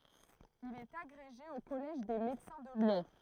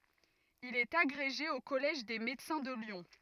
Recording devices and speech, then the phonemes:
throat microphone, rigid in-ear microphone, read sentence
il ɛt aɡʁeʒe o kɔlɛʒ de medəsɛ̃ də ljɔ̃

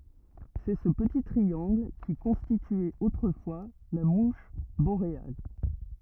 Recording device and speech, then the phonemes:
rigid in-ear microphone, read sentence
sɛ sə pəti tʁiɑ̃ɡl ki kɔ̃stityɛt otʁəfwa la muʃ boʁeal

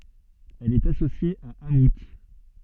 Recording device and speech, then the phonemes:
soft in-ear microphone, read sentence
ɛl ɛt asosje a amu

